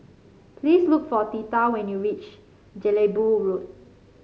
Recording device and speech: mobile phone (Samsung C5), read sentence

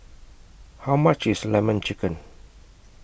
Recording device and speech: boundary microphone (BM630), read sentence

